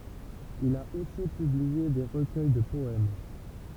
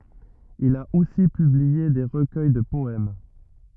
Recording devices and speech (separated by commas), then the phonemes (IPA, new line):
temple vibration pickup, rigid in-ear microphone, read sentence
il a osi pyblie de ʁəkœj də pɔɛm